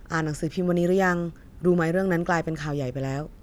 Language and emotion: Thai, neutral